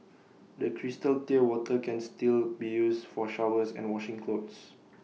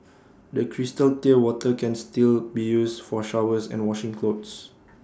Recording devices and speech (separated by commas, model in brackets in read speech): mobile phone (iPhone 6), standing microphone (AKG C214), read sentence